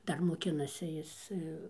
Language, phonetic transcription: Lithuanian, ˈdar moˈkinasi ˈjis

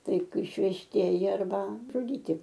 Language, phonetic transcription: Lithuanian, ˈtai išvežˈtieji arˈba žuˈdyti

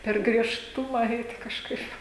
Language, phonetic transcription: Lithuanian, per griežˈtuma ˈeiti kažˈkaip

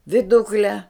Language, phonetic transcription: Lithuanian, viˈdukle

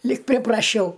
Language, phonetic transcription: Lithuanian, lyg pripraˈšiau

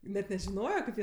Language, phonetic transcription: Lithuanian, net nežiˈnojo kaip ˈjie

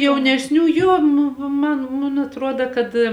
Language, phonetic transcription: Lithuanian, jaunesˈnių ˈjo nu ˈman mun atˈruoda kad

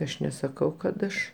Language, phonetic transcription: Lithuanian, ˈaš nesaˈkau kad ˈaš

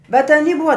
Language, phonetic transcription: Lithuanian, bet aˈny ˈbuva

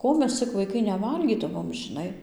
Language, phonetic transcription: Lithuanian, ˈko mes cik vaiˈkai neˈvalgydavom žiˈnai

